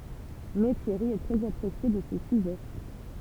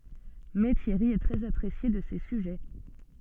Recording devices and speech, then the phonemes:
temple vibration pickup, soft in-ear microphone, read sentence
mɛ tjɛʁi ɛ tʁɛz apʁesje də se syʒɛ

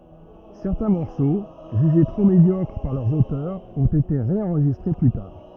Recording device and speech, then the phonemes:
rigid in-ear microphone, read sentence
sɛʁtɛ̃ mɔʁso ʒyʒe tʁo medjɔkʁ paʁ lœʁz otœʁz ɔ̃t ete ʁeɑ̃ʁʒistʁe ply taʁ

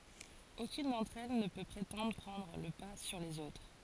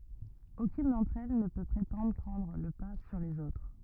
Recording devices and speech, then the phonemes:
forehead accelerometer, rigid in-ear microphone, read sentence
okyn dɑ̃tʁ ɛl nə pø pʁetɑ̃dʁ pʁɑ̃dʁ lə pa syʁ lez otʁ

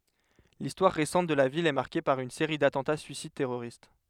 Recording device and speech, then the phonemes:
headset microphone, read sentence
listwaʁ ʁesɑ̃t də la vil ɛ maʁke paʁ yn seʁi datɑ̃ta syisid tɛʁoʁist

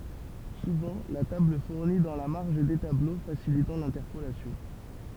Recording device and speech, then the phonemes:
temple vibration pickup, read sentence
suvɑ̃ la tabl fuʁni dɑ̃ la maʁʒ de tablo fasilitɑ̃ lɛ̃tɛʁpolasjɔ̃

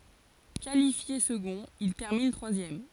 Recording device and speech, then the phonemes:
forehead accelerometer, read sentence
kalifje səɡɔ̃t il tɛʁmin tʁwazjɛm

